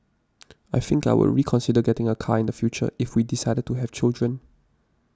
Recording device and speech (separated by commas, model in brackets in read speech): standing microphone (AKG C214), read sentence